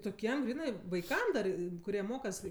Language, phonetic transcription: Lithuanian, toˈkiem ˈgrynɜ vaiˈkam dar kuˈrie ˈmokas

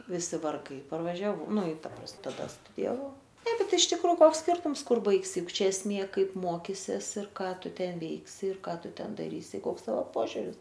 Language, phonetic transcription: Lithuanian, viˈsi varˈgai parvažiaˈvau ˈnu i ˈta pras taˈda studijaˈvau ˈtaip bet iš ˈtikro ˈkoks ˈskirtums ˈkur ˈbaigsi ˈjuk ˈčia esˈmė ˈkaip ˈmokisies ir ˈką ˈtu ˈten ˈveiksi ir ˈką ˈtu ˈten daˈrysi ˈkoks ˈtavo ˈpožiuris

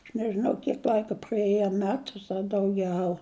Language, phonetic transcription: Lithuanian, aš nežiˈnau ˈkiek ˈl'aika praˈėja a ˈmetus a dauˈgiau

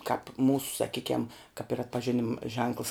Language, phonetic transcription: Lithuanian, kāp ˈmūsu saˈkykiam kap ir atpažiˈnim ženkls

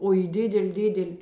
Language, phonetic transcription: Lithuanian, o į ˈdidel' ˈdidel'

